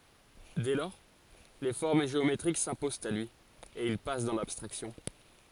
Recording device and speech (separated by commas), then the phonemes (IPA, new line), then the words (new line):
forehead accelerometer, read sentence
dɛ lɔʁ le fɔʁm ʒeometʁik sɛ̃pozɑ̃t a lyi e il pas dɑ̃ labstʁaksjɔ̃
Dès lors, les formes géométriques s'imposent à lui, et il passe dans l'abstraction.